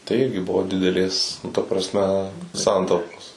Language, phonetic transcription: Lithuanian, tai ˈirgi ˈbuvo dideˈlės nu ta prasˈme ˈsantaupos

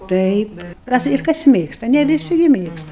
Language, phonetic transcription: Lithuanian, ˈtaip ˈkas ir kas ˈmėgsta ne viˈsi ˈgi ˈmėgsta

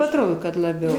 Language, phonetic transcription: Lithuanian, atˈrodo kad laˈbiau

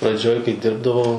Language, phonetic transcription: Lithuanian, praˈdžioj kai ˈdirbdavau

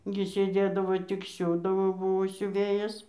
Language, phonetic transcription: Lithuanian, gi sėˈdėdavo tik ˈsiūdavo ˈbuvo siuˈvėjas

